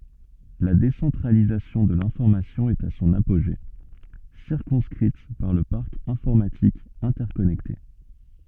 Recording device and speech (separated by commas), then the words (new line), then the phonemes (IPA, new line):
soft in-ear microphone, read sentence
La décentralisation de l'information est à son apogée, circonscrite par le parc informatique interconnecté.
la desɑ̃tʁalizasjɔ̃ də lɛ̃fɔʁmasjɔ̃ ɛt a sɔ̃n apoʒe siʁkɔ̃skʁit paʁ lə paʁk ɛ̃fɔʁmatik ɛ̃tɛʁkɔnɛkte